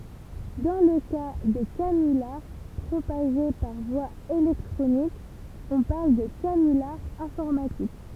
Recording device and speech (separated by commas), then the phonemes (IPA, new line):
temple vibration pickup, read sentence
dɑ̃ lə ka de kanylaʁ pʁopaʒe paʁ vwa elɛktʁonik ɔ̃ paʁl də kanylaʁ ɛ̃fɔʁmatik